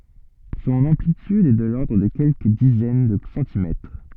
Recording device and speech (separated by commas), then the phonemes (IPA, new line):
soft in-ear microphone, read sentence
sɔ̃n ɑ̃plityd ɛ də lɔʁdʁ də kɛlkə dizɛn də sɑ̃timɛtʁ